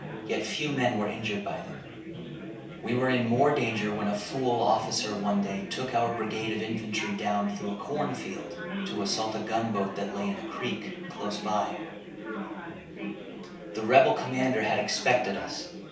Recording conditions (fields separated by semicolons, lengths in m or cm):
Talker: one person; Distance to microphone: 3.0 m; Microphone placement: far; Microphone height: 1.8 m; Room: small (3.7 m by 2.7 m); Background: babble